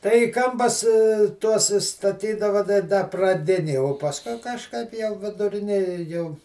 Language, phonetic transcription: Lithuanian, ˈtai į ˈkampas ˈtuos i staˈtydava tai ˈda praˈdinėj o pasˈkui kažˈkaip jau viduˈrinėje jau

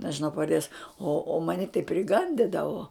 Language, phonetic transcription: Lithuanian, nežiˈnau pavarˈdės o o ˈmani tai priˈgandidavo

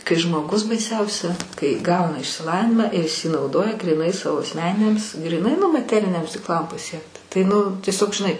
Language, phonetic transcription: Lithuanian, kai žmoˈgus baiˈsiausia kai ˈgauna išsiˈlavinimą ir is į nauˈdoja gryˈnai ˈsavo asˈmeniniams gryˈnai nu maˈteriniams tiksˈlam paˈsiekt tai ˈnu tieˈsiog žiˈnai

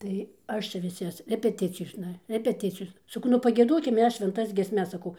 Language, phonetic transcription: Lithuanian, tai ˈaš čia viˈsas repeˈticijosna repeˈticijosna saˈkau nu pagieˈdokim ˈmes švenˈtas giesˈmes saˈkau

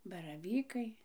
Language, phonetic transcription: Lithuanian, baraˈvykai

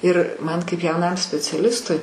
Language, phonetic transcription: Lithuanian, ir ˈman kaip jauˈnam speciaˈlistui

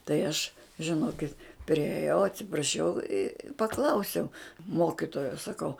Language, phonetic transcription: Lithuanian, tai ˈaš žiˈnokit prieˈjau atsipraˈšiau i paˈklausiau ˈmokitojo saˈkau

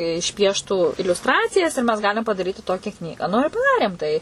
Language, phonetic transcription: Lithuanian, išˈpieštų iliusˈtracijas ir mes ˈgalim padaˈryti ˈtokia ˈknygą nu ir paˈdarėm tai

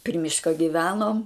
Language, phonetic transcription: Lithuanian, pri ˈmiška giˈvenom

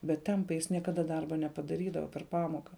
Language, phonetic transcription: Lithuanian, bet ˈtempai ˈjis niekaˈda ˈdarba nepadaˈrydava per ˈpamoka

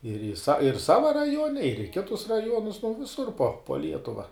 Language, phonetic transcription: Lithuanian, ir ir sa ir ˈsava raˈjuone ir i ˈkitus raˈjuonus nu viˈsur po po ˈlietuva

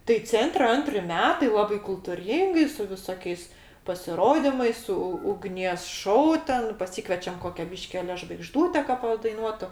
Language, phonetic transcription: Lithuanian, tai ˈcentre ˈantri ˈmetai ˈlabai kultuˈryngai su viˈsokiais pasiˈrodimais su ugˈnies ˈšou ˈten paˈsykvečiam ˈkokia ˈbyški ˈale žvaigˈždūte ka padaiˈnuotu

